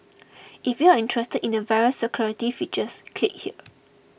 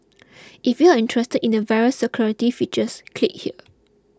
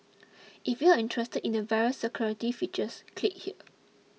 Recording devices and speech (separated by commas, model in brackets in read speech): boundary microphone (BM630), close-talking microphone (WH20), mobile phone (iPhone 6), read sentence